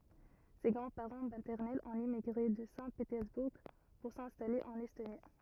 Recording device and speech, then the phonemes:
rigid in-ear microphone, read sentence
se ɡʁɑ̃dspaʁɑ̃ matɛʁnɛlz ɔ̃t emiɡʁe də sɛ̃tpetɛʁzbuʁ puʁ sɛ̃stale ɑ̃n ɛstoni

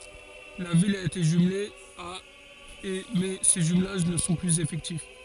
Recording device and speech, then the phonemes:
forehead accelerometer, read sentence
la vil a ete ʒymle a e mɛ se ʒymlaʒ nə sɔ̃ plyz efɛktif

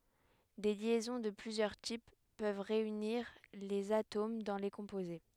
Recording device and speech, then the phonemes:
headset microphone, read sentence
de ljɛzɔ̃ də plyzjœʁ tip pøv ʁeyniʁ lez atom dɑ̃ le kɔ̃poze

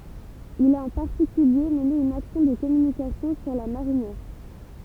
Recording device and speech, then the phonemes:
temple vibration pickup, read sentence
il a ɑ̃ paʁtikylje məne yn aksjɔ̃ də kɔmynikasjɔ̃ syʁ la maʁinjɛʁ

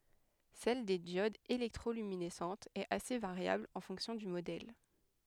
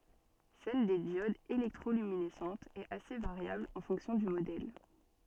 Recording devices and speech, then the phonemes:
headset microphone, soft in-ear microphone, read sentence
sɛl de djodz elɛktʁolyminɛsɑ̃tz ɛt ase vaʁjabl ɑ̃ fɔ̃ksjɔ̃ dy modɛl

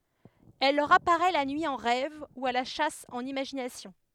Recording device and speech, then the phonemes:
headset microphone, read sentence
ɛl lœʁ apaʁɛ la nyi ɑ̃ ʁɛv u a la ʃas ɑ̃n imaʒinasjɔ̃

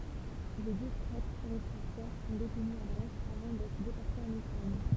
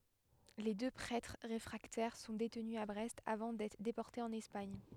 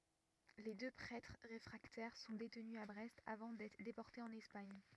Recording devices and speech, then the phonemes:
temple vibration pickup, headset microphone, rigid in-ear microphone, read sentence
le dø pʁɛtʁ ʁefʁaktɛʁ sɔ̃ detny a bʁɛst avɑ̃ dɛtʁ depɔʁtez ɑ̃n ɛspaɲ

